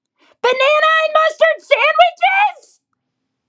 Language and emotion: English, disgusted